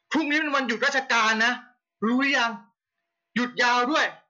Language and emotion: Thai, angry